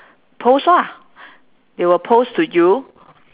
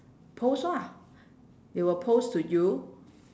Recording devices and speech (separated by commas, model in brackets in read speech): telephone, standing microphone, conversation in separate rooms